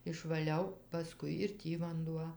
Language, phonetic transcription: Lithuanian, išvaˈliau paˈskui ir ˈtį vanˈduo

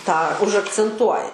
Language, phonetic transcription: Lithuanian, tą užakcenˈtuoja

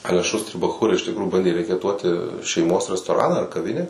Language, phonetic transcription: Lithuanian, ˈale ˈšūstri baˈchūrai iš tikˈrųjų ˈbandė rekeˈtuoti šeiˈmos restoˈraną ar kaˈvinę

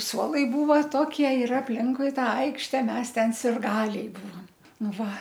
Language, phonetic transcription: Lithuanian, ˈsuolai ˈbūva ˈtokie ir apˈlinkui ˈtą ˈaikšte ˈmes ˈten sirˈgaliai ˈbūvam ˈnu ˈva

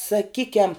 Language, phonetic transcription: Lithuanian, saˈkykiam

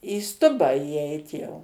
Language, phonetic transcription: Lithuanian, į ˈstubą įˈeit jau

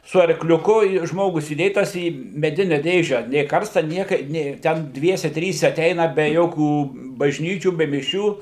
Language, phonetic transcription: Lithuanian, su arkliuˈku i ˈžmogus įˈdėtas į meˈdine ˈdėže nė ˈkarsta ˈnieka ˈnė ten ˈdviese ˈtryse aˈteina be ˈjokių bažˈnyčių be miˈšių

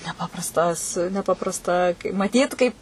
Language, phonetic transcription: Lithuanian, neˈpaprastas neˈpaprasta maˈtyt kaip

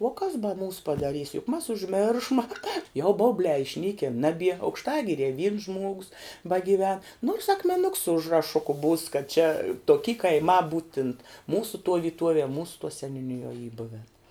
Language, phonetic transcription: Lithuanian, uo kas ba ˈmūs padaˈrys juk mas užˈmiršma jau ˈbaubliā išˈnykin ˈnabie aukšˈtagirie vyns ˈžmuogus bagiˈven nors akmeˈnuks su užraˈšuku būs kad čia toˈky kaiˈmā ˈbūtint ˈmūsu tuo vyˈtuovie ˈmūsu seniūˈnijuo y ˈbuven

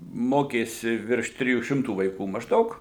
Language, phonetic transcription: Lithuanian, ˈmokėsi virš ˈtrijų ˈšimtų vaiˈkų mažˈdaug

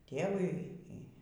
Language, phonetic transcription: Lithuanian, ˈtėvui ˈy

